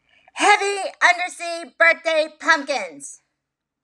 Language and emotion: English, angry